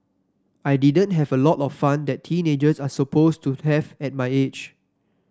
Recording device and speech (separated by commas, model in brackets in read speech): standing microphone (AKG C214), read sentence